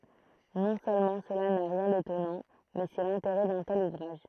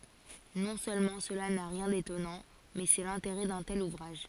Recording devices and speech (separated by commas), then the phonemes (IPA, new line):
throat microphone, forehead accelerometer, read sentence
nɔ̃ sølmɑ̃ səla na ʁjɛ̃ detɔnɑ̃ mɛ sɛ lɛ̃teʁɛ dœ̃ tɛl uvʁaʒ